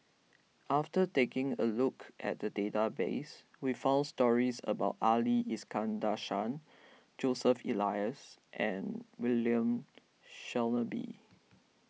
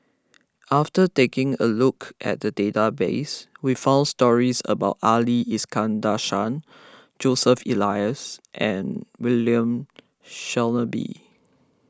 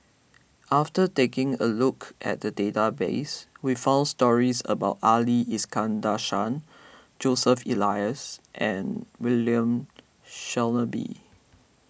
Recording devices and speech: mobile phone (iPhone 6), close-talking microphone (WH20), boundary microphone (BM630), read sentence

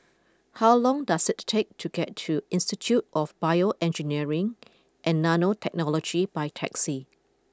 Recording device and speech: close-talking microphone (WH20), read sentence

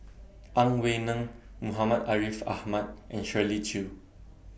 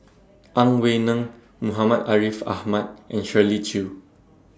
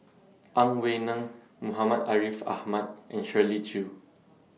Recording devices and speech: boundary microphone (BM630), standing microphone (AKG C214), mobile phone (iPhone 6), read sentence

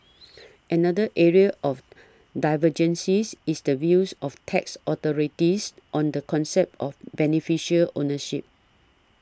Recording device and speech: standing microphone (AKG C214), read sentence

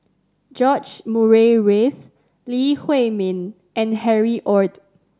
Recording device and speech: standing microphone (AKG C214), read sentence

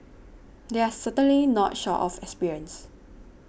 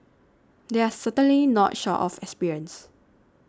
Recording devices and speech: boundary microphone (BM630), standing microphone (AKG C214), read sentence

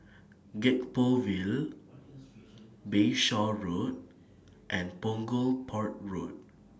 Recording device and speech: standing microphone (AKG C214), read sentence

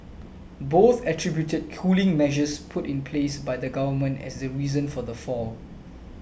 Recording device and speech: boundary microphone (BM630), read sentence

